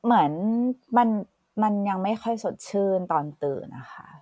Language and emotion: Thai, frustrated